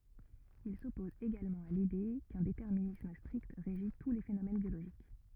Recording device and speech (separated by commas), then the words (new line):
rigid in-ear microphone, read sentence
Il s'oppose également à l'idée qu'un déterminisme strict régit tous les phénomènes biologiques.